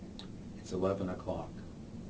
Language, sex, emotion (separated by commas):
English, male, neutral